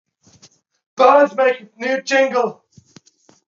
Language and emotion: English, fearful